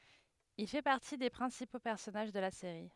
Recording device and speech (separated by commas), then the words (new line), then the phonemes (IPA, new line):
headset microphone, read sentence
Il fait partie des principaux personnages de la série.
il fɛ paʁti de pʁɛ̃sipo pɛʁsɔnaʒ də la seʁi